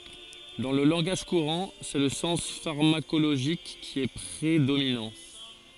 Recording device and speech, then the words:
forehead accelerometer, read sentence
Dans le langage courant, c'est le sens pharmacologique qui est prédominant.

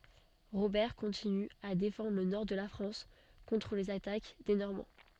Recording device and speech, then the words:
soft in-ear microphone, read sentence
Robert continue à défendre le Nord de la France contre les attaques des Normands.

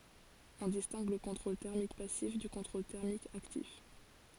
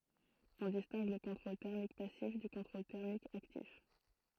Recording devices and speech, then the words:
forehead accelerometer, throat microphone, read sentence
On distingue le contrôle thermique passif du contrôle thermique actif.

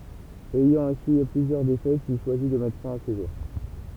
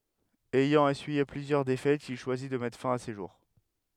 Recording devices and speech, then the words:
temple vibration pickup, headset microphone, read sentence
Ayant essuyé plusieurs défaites, il choisit de mettre fin à ses jours.

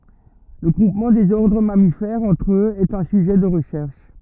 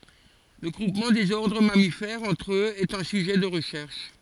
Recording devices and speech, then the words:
rigid in-ear microphone, forehead accelerometer, read sentence
Le groupement des ordres mammifères entre eux est un sujet de recherche.

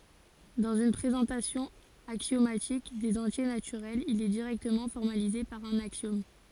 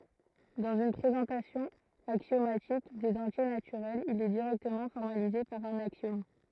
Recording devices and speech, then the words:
forehead accelerometer, throat microphone, read sentence
Dans une présentation axiomatique des entiers naturels, il est directement formalisé par un axiome.

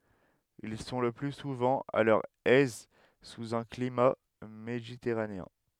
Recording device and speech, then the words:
headset microphone, read sentence
Ils sont le plus souvent à leur aise sous un climat méditerranéen.

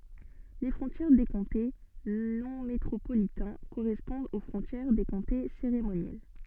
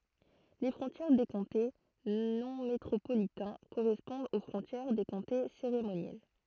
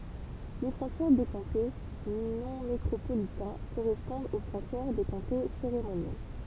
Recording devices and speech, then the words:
soft in-ear microphone, throat microphone, temple vibration pickup, read sentence
Les frontières des comtés non métropolitains correspondent aux frontières des comtés cérémoniels.

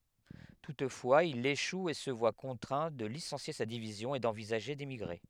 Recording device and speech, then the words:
headset microphone, read sentence
Toutefois il échoue et se voit contraint de licencier sa division et d'envisager d'émigrer.

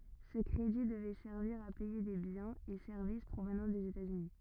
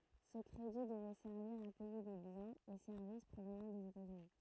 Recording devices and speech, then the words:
rigid in-ear microphone, throat microphone, read sentence
Ce crédit devait servir à payer des biens et services provenant des États-Unis.

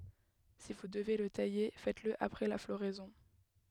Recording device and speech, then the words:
headset microphone, read sentence
Si vous devez le tailler, faites-le après la floraison.

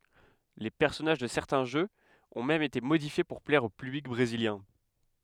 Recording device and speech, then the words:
headset microphone, read sentence
Les personnages de certains jeux ont même été modifiés pour plaire au public brésilien.

